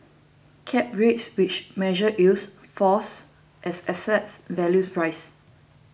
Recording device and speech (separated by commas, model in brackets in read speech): boundary microphone (BM630), read sentence